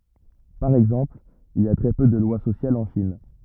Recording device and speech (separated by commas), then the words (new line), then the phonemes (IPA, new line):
rigid in-ear microphone, read sentence
Par exemple, il y a très peu de lois sociales en Chine.
paʁ ɛɡzɑ̃pl il i a tʁɛ pø də lwa sosjalz ɑ̃ ʃin